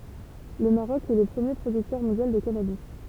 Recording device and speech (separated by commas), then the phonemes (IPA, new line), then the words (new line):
temple vibration pickup, read sentence
lə maʁɔk ɛ lə pʁəmje pʁodyktœʁ mɔ̃djal də kanabi
Le Maroc est le premier producteur mondial de cannabis.